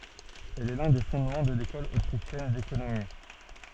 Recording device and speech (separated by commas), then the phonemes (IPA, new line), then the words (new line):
soft in-ear microphone, read sentence
ɛl ɛ lœ̃ de fɔ̃dmɑ̃ də lekɔl otʁiʃjɛn dekonomi
Elle est l'un des fondements de l'École autrichienne d'économie.